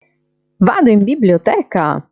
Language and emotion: Italian, happy